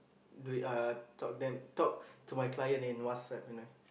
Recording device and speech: boundary microphone, conversation in the same room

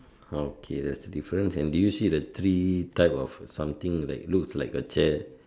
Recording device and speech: standing microphone, conversation in separate rooms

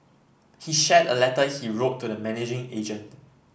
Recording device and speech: boundary microphone (BM630), read sentence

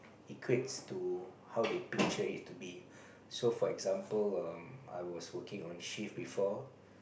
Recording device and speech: boundary microphone, conversation in the same room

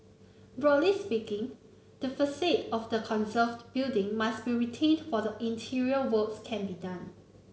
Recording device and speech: mobile phone (Samsung C9), read sentence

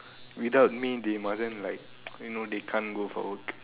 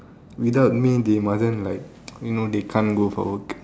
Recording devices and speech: telephone, standing microphone, conversation in separate rooms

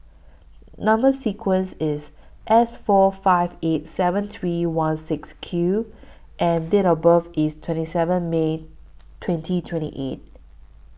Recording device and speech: boundary microphone (BM630), read sentence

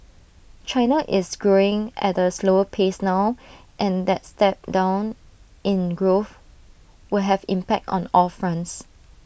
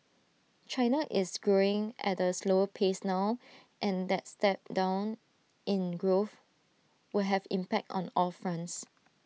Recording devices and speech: boundary microphone (BM630), mobile phone (iPhone 6), read sentence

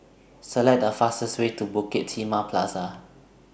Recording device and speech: boundary microphone (BM630), read sentence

